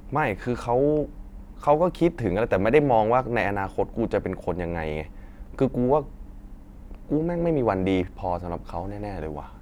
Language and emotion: Thai, frustrated